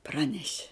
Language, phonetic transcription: Lithuanian, ˈpraneši

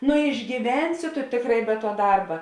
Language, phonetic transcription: Lithuanian, nu išgyˈvensi tu ˈtėkˌrā i be tuo ˈdarba

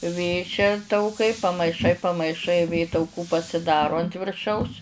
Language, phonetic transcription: Lithuanian, ˈvė čia tauˈkai pamaiˈšai pamaiˈšai ˈvė tauˈkų pasiˈdaro ant virˈšaus

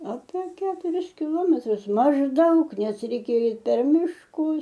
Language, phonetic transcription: Lithuanian, ape ˈketuris kiˈlometrus mažˈdaug ˈnes reiˈkėja ˈeit per mišˈkus

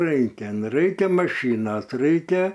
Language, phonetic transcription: Lithuanian, ˈraikia nu ˈraikia maˈšynos ˈraikia

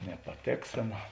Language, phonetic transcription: Lithuanian, nepaˈtėksėna

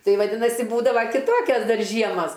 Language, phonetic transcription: Lithuanian, ˈtai vaˈdinasi ˈbūdava kiˈtokias ˈdar ˈžiemas

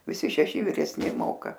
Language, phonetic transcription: Lithuanian, viˈsi šeˈši viresˈni ˈmoka

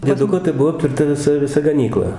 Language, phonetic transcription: Lithuanian, ˈdieduko tai ˈbuo aptverˈta viˈsa viˈsa gaˈnykla

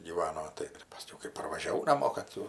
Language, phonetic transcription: Lithuanian, gyˈvano ˈtai paˈskiau kai parvažiaˈvau naˈmo kad ˈtų

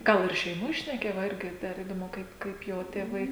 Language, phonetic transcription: Lithuanian, ˈgal ir šeiˈmoj šneˈkėja va ˈirgi dar įdoˈmu ˈkaip ˈkaip ˈjo tėˈvai

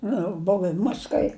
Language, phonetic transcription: Lithuanian, ˈnu ˈbov i ˈmas kai

